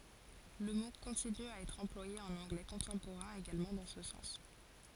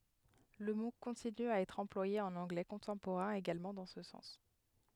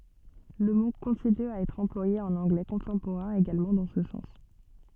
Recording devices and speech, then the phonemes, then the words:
forehead accelerometer, headset microphone, soft in-ear microphone, read sentence
lə mo kɔ̃tiny a ɛtʁ ɑ̃plwaje ɑ̃n ɑ̃ɡlɛ kɔ̃tɑ̃poʁɛ̃ eɡalmɑ̃ dɑ̃ sə sɑ̃s
Le mot continue à être employé en anglais contemporain également dans ce sens.

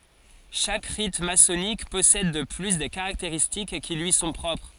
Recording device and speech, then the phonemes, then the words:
forehead accelerometer, read sentence
ʃak ʁit masɔnik pɔsɛd də ply de kaʁakteʁistik ki lyi sɔ̃ pʁɔpʁ
Chaque rite maçonnique possède de plus des caractéristiques qui lui sont propres.

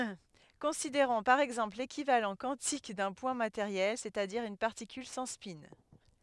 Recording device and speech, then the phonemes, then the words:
headset microphone, read sentence
kɔ̃sideʁɔ̃ paʁ ɛɡzɑ̃pl lekivalɑ̃ kwɑ̃tik dœ̃ pwɛ̃ mateʁjɛl sɛstadiʁ yn paʁtikyl sɑ̃ spɛ̃
Considérons par exemple l'équivalent quantique d'un point matériel, c’est-à-dire une particule sans spin.

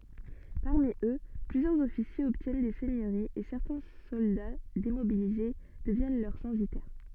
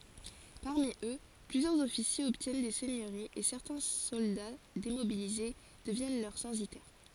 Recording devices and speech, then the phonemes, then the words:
soft in-ear microphone, forehead accelerometer, read sentence
paʁmi ø plyzjœʁz ɔfisjez ɔbtjɛn de sɛɲøʁiz e sɛʁtɛ̃ sɔlda demobilize dəvjɛn lœʁ sɑ̃sitɛʁ
Parmi eux, plusieurs officiers obtiennent des seigneuries et certains soldats démobilisés deviennent leurs censitaires.

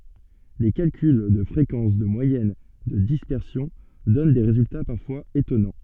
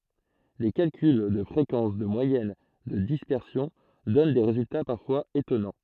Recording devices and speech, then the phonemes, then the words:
soft in-ear microphone, throat microphone, read sentence
le kalkyl də fʁekɑ̃s də mwajɛn də dispɛʁsjɔ̃ dɔn de ʁezylta paʁfwaz etɔnɑ̃
Les calculs de fréquences, de moyenne, de dispersion donnent des résultats parfois étonnants.

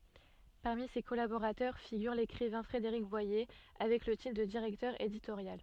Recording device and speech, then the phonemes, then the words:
soft in-ear microphone, read sentence
paʁmi se kɔlaboʁatœʁ fiɡyʁ lekʁivɛ̃ fʁedeʁik bwaje avɛk lə titʁ də diʁɛktœʁ editoʁjal
Parmi ses collaborateurs figure l'écrivain Frédéric Boyer, avec le titre de directeur éditorial.

